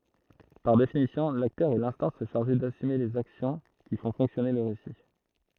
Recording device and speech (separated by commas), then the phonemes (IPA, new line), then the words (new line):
throat microphone, read sentence
paʁ definisjɔ̃ laktœʁ ɛ lɛ̃stɑ̃s ʃaʁʒe dasyme lez aksjɔ̃ ki fɔ̃ fɔ̃ksjɔne lə ʁesi
Par définition, l'acteur est l'instance chargée d'assumer les actions qui font fonctionner le récit.